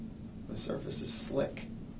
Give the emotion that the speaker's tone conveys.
neutral